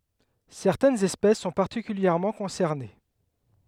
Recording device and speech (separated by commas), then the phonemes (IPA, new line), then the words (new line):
headset microphone, read sentence
sɛʁtɛnz ɛspɛs sɔ̃ paʁtikyljɛʁmɑ̃ kɔ̃sɛʁne
Certaines espèces sont particulièrement concernées.